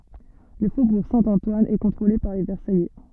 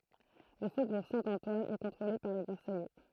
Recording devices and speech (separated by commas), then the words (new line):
soft in-ear microphone, throat microphone, read sentence
Le faubourg Saint-Antoine est contrôlé par les Versaillais.